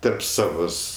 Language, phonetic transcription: Lithuanian, tarp ˈsavos

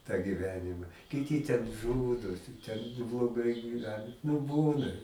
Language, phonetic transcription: Lithuanian, tą giˈvenima kiˈti ten ˈžūdosi ten nu bloˈgai gyˈvena nu ˈbūna

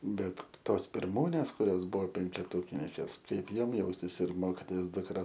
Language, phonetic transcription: Lithuanian, ˈbet ˈtos pirˈmūnės kuˈrios ˈbuvo penkeˈtūkininkės ˈkaip ˈjom ˈjaustis ir ˈmokitojos dukˈra

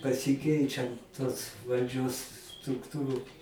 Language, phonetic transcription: Lithuanian, pasiˈkeičiant tos valˈdžios strukˈtūru

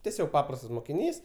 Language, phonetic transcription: Lithuanian, teˈsiog ˈpaprastas mokiˈnys

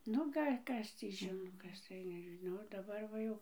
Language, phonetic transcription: Lithuanian, ˈnu ˈgal' ˈkas tį ˈžino ˈkas tai nežiˈnau daˈbar va ˈjau

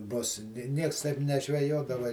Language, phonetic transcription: Lithuanian, ˈbus ˈnieks taip nežveˈjodava

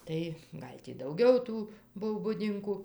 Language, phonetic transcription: Lithuanian, ˈtai ˈgal' tį dauˈgiau ˈtų ˈbuv buˈdinku

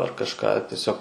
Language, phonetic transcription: Lithuanian, ar kažˈką tieˈsiog

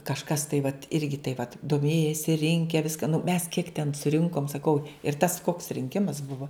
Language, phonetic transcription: Lithuanian, kažˈkas tai vat ˈirgi tai vat doˈmėjesi ˈrinke ˈviska nu mes kiek ten suˈrinkom saˈkau ir tas koks rinˈkimas ˈbuvo

